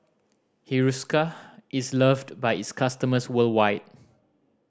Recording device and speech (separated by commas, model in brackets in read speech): standing microphone (AKG C214), read sentence